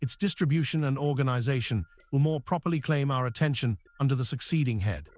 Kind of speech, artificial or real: artificial